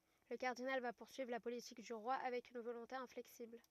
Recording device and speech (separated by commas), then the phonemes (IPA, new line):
rigid in-ear microphone, read sentence
lə kaʁdinal va puʁsyivʁ la politik dy ʁwa avɛk yn volɔ̃te ɛ̃flɛksibl